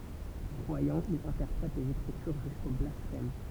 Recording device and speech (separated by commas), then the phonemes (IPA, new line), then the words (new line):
temple vibration pickup, read sentence
kʁwajɑ̃ il ɛ̃tɛʁpʁɛt lez ekʁityʁ ʒysko blasfɛm
Croyant, il interprète les Écritures jusqu'au blasphème.